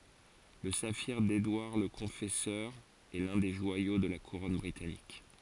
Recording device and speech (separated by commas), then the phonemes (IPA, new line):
forehead accelerometer, read sentence
lə safiʁ dedwaʁ lə kɔ̃fɛsœʁ ɛ lœ̃ de ʒwajo də la kuʁɔn bʁitanik